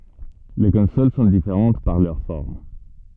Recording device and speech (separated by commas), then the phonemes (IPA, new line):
soft in-ear microphone, read sentence
le kɔ̃sol sɔ̃ difeʁɑ̃t paʁ lœʁ fɔʁm